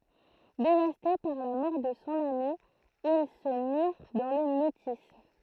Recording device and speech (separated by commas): throat microphone, read sentence